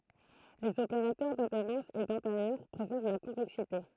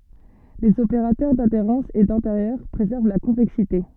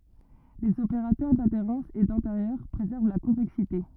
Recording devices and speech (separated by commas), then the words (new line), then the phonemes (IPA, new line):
throat microphone, soft in-ear microphone, rigid in-ear microphone, read sentence
Les opérateurs d'adhérence et d'intérieur préservent la convexité.
lez opeʁatœʁ dadeʁɑ̃s e dɛ̃teʁjœʁ pʁezɛʁv la kɔ̃vɛksite